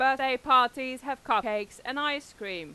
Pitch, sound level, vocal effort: 260 Hz, 98 dB SPL, loud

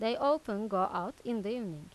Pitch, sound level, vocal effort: 220 Hz, 88 dB SPL, normal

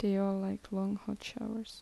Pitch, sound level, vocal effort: 205 Hz, 73 dB SPL, soft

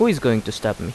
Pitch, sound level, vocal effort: 110 Hz, 83 dB SPL, normal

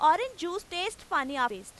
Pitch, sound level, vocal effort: 340 Hz, 97 dB SPL, very loud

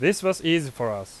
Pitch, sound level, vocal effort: 165 Hz, 91 dB SPL, very loud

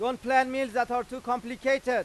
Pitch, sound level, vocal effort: 255 Hz, 102 dB SPL, very loud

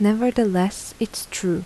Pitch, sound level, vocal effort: 210 Hz, 78 dB SPL, soft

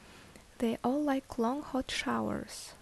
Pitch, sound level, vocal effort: 260 Hz, 71 dB SPL, soft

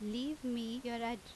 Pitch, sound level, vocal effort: 235 Hz, 86 dB SPL, loud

